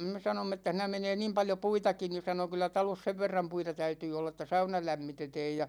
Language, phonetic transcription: Finnish, me 'sanomm ‿että » siinä menee "niim 'paljo puitaki « , ni 'sano » kyllä "talos 'sev verram 'puita 'täytyy 'olla ĕt̆tä "sauna 'lämmitetɛɛj « ja .
- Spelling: me sanoimme että siinä menee niin paljon puitakin niin sanoi kyllä talossa sen verran puita täytyy olla että sauna lämmitetään ja

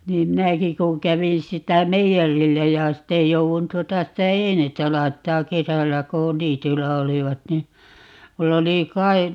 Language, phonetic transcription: Finnish, 'niim "minäki kuŋ "kävin 'sitä "meijärillä ja 'sitte 'jouvun 'tuota 'sitä "einettä 'laittaa̰ "kesällä ko , "niity(i)llä 'olivat ni , 'mull ‿oli 'kai- , .
- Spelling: niin minäkin kun kävin sitä meijerillä ja sitten jouduin tuota sitä einettä laittamaan kesällä kun niityillä olivat niin minulla oli -

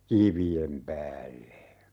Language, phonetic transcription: Finnish, "kivi₍em 'päälle .
- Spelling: kivien päälle

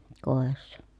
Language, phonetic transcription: Finnish, kòessa .
- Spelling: kodissa

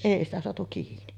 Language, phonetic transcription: Finnish, 'èi ‿stä soatu kiini .
- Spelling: ei sitä saatu kiinni

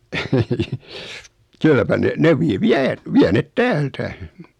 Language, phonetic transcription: Finnish, 'kylläpä 'ne , 'ne vi- 'viä , 'viä 'net "täältä .
- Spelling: kylläpä ne ne - vie vie ne täältä

